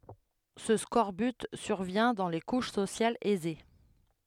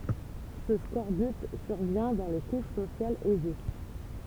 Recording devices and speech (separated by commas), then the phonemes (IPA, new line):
headset microphone, temple vibration pickup, read sentence
sə skɔʁbyt syʁvjɛ̃ dɑ̃ le kuʃ sosjalz ɛze